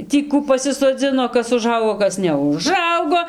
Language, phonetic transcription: Lithuanian, ˈtį ˈkų pasisoˈdzino ˈkas uˈžaugo ˈkas neuˈžaugo

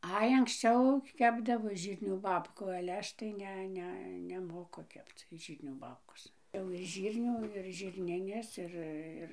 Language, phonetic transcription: Lithuanian, ˈai anksˈčiau ˈkepdavo ˈžyrnių ˈbabkų ale ˈaš tai ˈne ˈne neˈmoku ˈkepc ˈžyrnių ˈbabkos jau iš ˈžyrnių ir žirˈnines ˈir ˈir

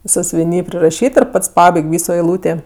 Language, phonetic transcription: Lithuanian, sąsiuviˈny priraˈšyt ir ˈpats ˈpabaig' ˈvyso eiˈlūtė

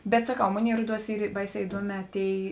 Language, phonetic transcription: Lithuanian, ˈbet saˈkau ˈmoˌnėi ˈruoˌduos ˈyr ˈbaiˌsē iˈduoˌmē ˈtėi

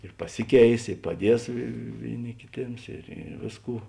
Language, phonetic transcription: Lithuanian, ir paˈsiˌkeis ir paˈdies ˈvėiˌni kiˈtėms ir i ˈvėsˌkų

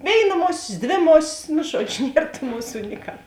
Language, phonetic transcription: Lithuanian, ˈvėiˌna ˈmosės ˈdvė ˈmosis nu ˈžuodžiu ˈnier tų ˈmuˌsų niˈkā

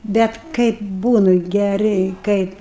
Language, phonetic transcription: Lithuanian, ˈbet ˈkaip ˈbūnu geˈriai ˈkaip

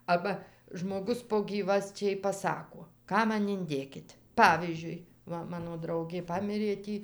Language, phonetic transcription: Lithuanian, ˈaba žmoˈgus po ˈgyvasčiai paˈsako ˈką ˈman inˈdėkit' ˈpavyzdžiui ˈva ˈmano ˈdraugė ˈpamirė ˈtį

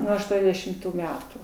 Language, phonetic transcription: Lithuanian, ˈnuo ašˈtuondešimˌtų ˈmetų

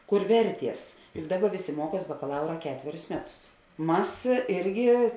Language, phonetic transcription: Lithuanian, ˈkur ˈverˌties juk ˈdaˌba ˈvėˌsė ˈmuoˌkuos bakaˈlaura ˈketverius ˈmeˌtus ˈmas ˈirgi

